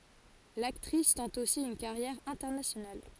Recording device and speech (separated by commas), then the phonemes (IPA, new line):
forehead accelerometer, read sentence
laktʁis tɑ̃t osi yn kaʁjɛʁ ɛ̃tɛʁnasjonal